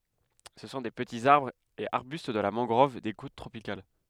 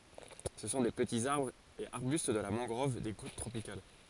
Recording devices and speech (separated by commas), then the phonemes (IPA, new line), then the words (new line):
headset microphone, forehead accelerometer, read sentence
sə sɔ̃ de pətiz aʁbʁz e aʁbyst də la mɑ̃ɡʁɔv de kot tʁopikal
Ce sont des petits arbres et arbustes de la mangrove des côtes tropicales.